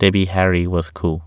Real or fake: real